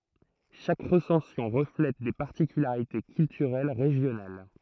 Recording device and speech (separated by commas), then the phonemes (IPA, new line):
throat microphone, read sentence
ʃak ʁəsɑ̃sjɔ̃ ʁəflɛt de paʁtikylaʁite kyltyʁɛl ʁeʒjonal